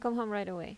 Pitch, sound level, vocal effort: 210 Hz, 83 dB SPL, normal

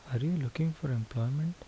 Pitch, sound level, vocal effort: 145 Hz, 73 dB SPL, soft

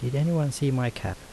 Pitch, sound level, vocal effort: 130 Hz, 77 dB SPL, soft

